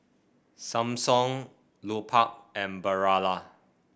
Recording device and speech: boundary microphone (BM630), read sentence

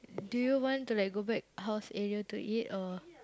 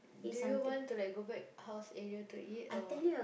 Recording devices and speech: close-talking microphone, boundary microphone, conversation in the same room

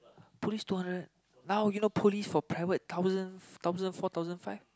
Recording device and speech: close-talking microphone, conversation in the same room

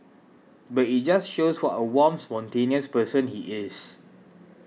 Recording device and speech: mobile phone (iPhone 6), read sentence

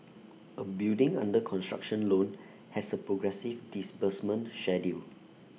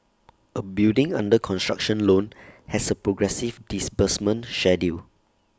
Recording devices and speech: mobile phone (iPhone 6), standing microphone (AKG C214), read sentence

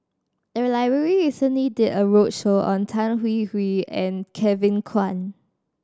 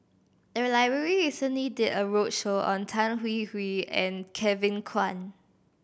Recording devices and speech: standing microphone (AKG C214), boundary microphone (BM630), read sentence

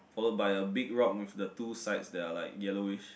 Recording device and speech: boundary microphone, conversation in the same room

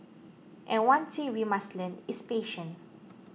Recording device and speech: mobile phone (iPhone 6), read sentence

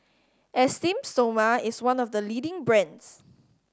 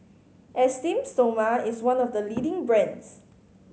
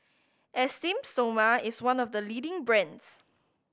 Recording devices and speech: standing microphone (AKG C214), mobile phone (Samsung C5010), boundary microphone (BM630), read sentence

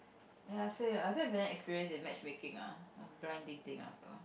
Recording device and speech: boundary microphone, conversation in the same room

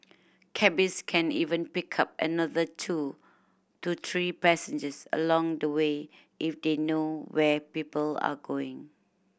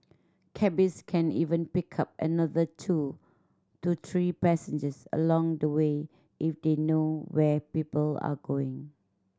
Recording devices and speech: boundary microphone (BM630), standing microphone (AKG C214), read sentence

